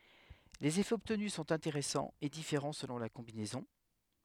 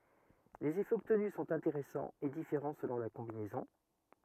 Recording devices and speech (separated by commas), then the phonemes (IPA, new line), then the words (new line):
headset microphone, rigid in-ear microphone, read sentence
lez efɛz ɔbtny sɔ̃t ɛ̃teʁɛsɑ̃z e difeʁɑ̃ səlɔ̃ la kɔ̃binɛzɔ̃
Les effets obtenus sont intéressants et différents selon la combinaison.